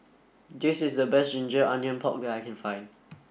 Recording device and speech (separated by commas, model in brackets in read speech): boundary microphone (BM630), read sentence